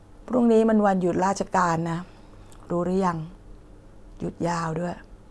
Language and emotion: Thai, neutral